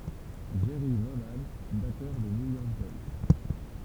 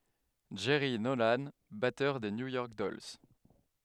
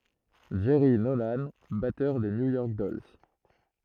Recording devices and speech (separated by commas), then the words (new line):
temple vibration pickup, headset microphone, throat microphone, read sentence
Jerry Nolan, batteur de New York Dolls.